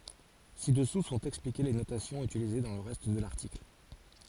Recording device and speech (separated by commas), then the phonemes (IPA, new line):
forehead accelerometer, read sentence
sidɛsu sɔ̃t ɛksplike le notasjɔ̃z ytilize dɑ̃ lə ʁɛst də laʁtikl